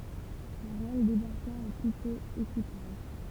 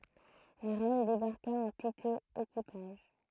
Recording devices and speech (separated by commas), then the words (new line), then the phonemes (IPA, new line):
temple vibration pickup, throat microphone, read sentence
La reine débarqua en piteux équipage.
la ʁɛn debaʁka ɑ̃ pitøz ekipaʒ